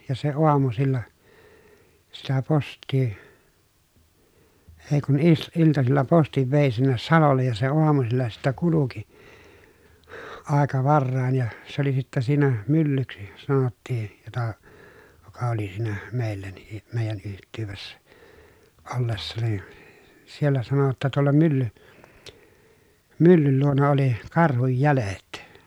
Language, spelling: Finnish, ja se aamusilla sitä postia ei kun - iltasilla postin vei sinne salolle ja se aamusilla sitten kulki aika varhain ja se oli sitten siinä myllyksi sanottiin jota joka oli siinä meillä niin meidän yhteydessä ollessa niin siellä sanoi jotta tuolla mylly myllyn luona oli karhun jäljet
- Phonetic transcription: ja se oamusilla , sitä post̆tii , ee kun is- , iltasilla postiv vèi sinnes salollej ja se oamusilla sittä kuluki , àeka varràin ja , se ‿oli sittä siinä , myllyksi , sanottii , jota , joka oli siinä , mèil̆lä nii , mèijän yht̀yyvessä , ollessa ni , siellä sano [j]otta » tuolla mylly , myllyl luona oli , karhuj jälet » .

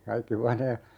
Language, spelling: Finnish, kaikki huoneet
- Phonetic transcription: 'kaikki "huanee ,.

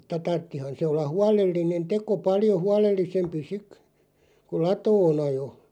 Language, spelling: Finnish, mutta tarvitsihan se olla huolellinen teko paljon huolellisempi sitten kun latoon ajoi
- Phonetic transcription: mutta 'tarttihan se olla "hualellinen "teko "paljo 'hualellisempi 'sik , kuˡ "latoo'n ‿ajo .

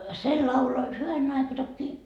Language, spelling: Finnish, se lauloi hyvänen aika tokiin
- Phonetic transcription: se 'laulo , 'hyvänen ‿aika tokkii .

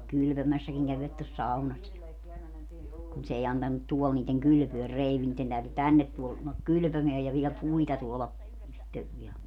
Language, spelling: Finnish, kylpemässäkin kävivät tuossa saunassa ja kun se ei antanut tuolla niiden kylpeä kreivi niiden täytyi tänne tulla kylpemään ja vielä puita tuoda itse vielä
- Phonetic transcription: 'kylpömässäkiŋ kävivät tos "saunas ja , kun s ‿ei 'antannut "tuɔl niiteŋ "kylpyör 'reiv niitten täyty "tännet tul(lak) "kylʸpömeäj ja viɛl "puita 'tuola , itte (vielä) .

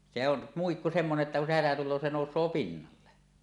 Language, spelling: Finnish, se on muikku semmoinen että kun se hätä tulee se nousee pinnalle
- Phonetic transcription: se ‿on , 'muikku semmone’ ’että kun se hätä tul̆loo se "nòus̀oo 'pinnalle .

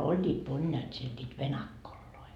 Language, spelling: Finnish, olivat moniaat siellä niitä venakkoja
- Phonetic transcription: 'oĺĺiit "monjaat siel ńiit "venakkolloi .

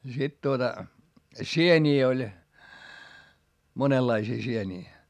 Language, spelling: Finnish, ja sitten tuota sieniä oli monenlaisia sieniä
- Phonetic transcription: ja sit tuota , sieńii oĺ , monellaisii sienii .

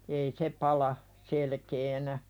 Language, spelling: Finnish, ei se pala selkeänä
- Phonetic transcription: ei "se pala , 'selkeenä .

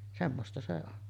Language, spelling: Finnish, semmoista se on
- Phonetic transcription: 'semmosta se on .

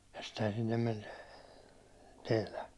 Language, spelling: Finnish, ja sittenhän sinne meni teillä
- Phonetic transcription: ja ‿stehän sinnem men , 'tèi̬lä .

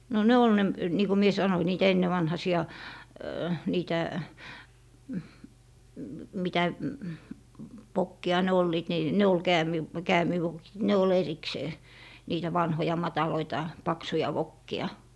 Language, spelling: Finnish, no ne oli ne niin kuin minä sanoin niitä ennenvanhaisia niitä mitä vokkeja ne olivat niin ne oli - käämivokit ne oli erikseen niitä vanhoja matalia paksuja vokkeja
- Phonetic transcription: no "ne ol 'ne , nii ko mie 'sanoⁱ niitä 'ennevanhasi₍a , 'niitä , 'mitä , "vokki₍a , ne 'olliit ni , 'ne ol "käämiv- , "käämivokit 'ne ol 'eriksee , niitä 'vanhoja 'mataloita , 'paksuja 'vokki₍a .

